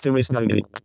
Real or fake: fake